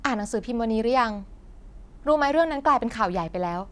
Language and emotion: Thai, neutral